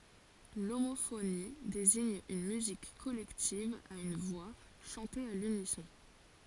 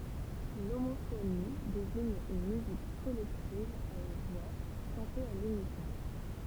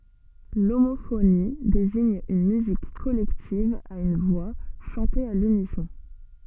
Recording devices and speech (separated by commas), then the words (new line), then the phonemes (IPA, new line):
forehead accelerometer, temple vibration pickup, soft in-ear microphone, read sentence
L'homophonie désigne une musique collective à une voix, chantée à l'unisson.
lomofoni deziɲ yn myzik kɔlɛktiv a yn vwa ʃɑ̃te a lynisɔ̃